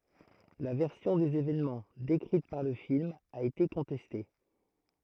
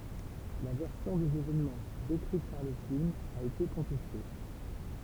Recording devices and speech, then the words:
throat microphone, temple vibration pickup, read sentence
La version des évènements, décrite par le film, a été contestée.

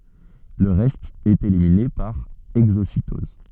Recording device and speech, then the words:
soft in-ear microphone, read sentence
Le reste est éliminé par exocytose.

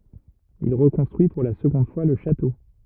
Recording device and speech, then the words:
rigid in-ear microphone, read sentence
Il reconstruit pour la seconde fois le château.

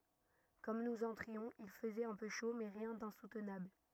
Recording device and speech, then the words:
rigid in-ear microphone, read sentence
Comme nous entrions, il faisait un peu chaud, mais rien d'insoutenable.

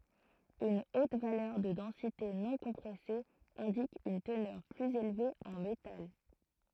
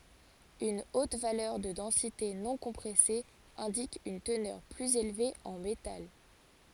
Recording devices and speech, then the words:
throat microphone, forehead accelerometer, read sentence
Une haute valeur de densité non-compressée indique une teneur plus élevée en métal.

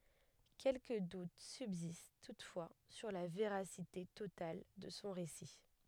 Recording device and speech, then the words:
headset microphone, read sentence
Quelques doutes subsistent toutefois sur la véracité totale de son récit.

